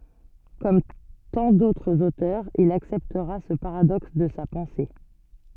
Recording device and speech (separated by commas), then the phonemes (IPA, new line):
soft in-ear microphone, read sentence
kɔm tɑ̃ dotʁz otœʁz il aksɛptʁa sə paʁadɔks də sa pɑ̃se